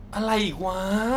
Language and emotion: Thai, frustrated